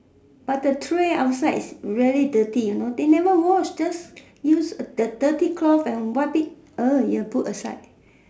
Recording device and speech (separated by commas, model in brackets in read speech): standing microphone, conversation in separate rooms